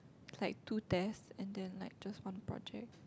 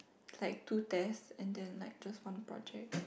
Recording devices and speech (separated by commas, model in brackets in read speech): close-talking microphone, boundary microphone, conversation in the same room